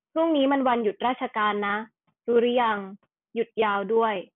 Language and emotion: Thai, neutral